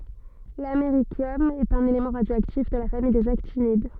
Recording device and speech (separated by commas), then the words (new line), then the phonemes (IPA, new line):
soft in-ear microphone, read sentence
L’américium est un élément radioactif de la famille des actinides.
lameʁisjɔm ɛt œ̃n elemɑ̃ ʁadjoaktif də la famij dez aktinid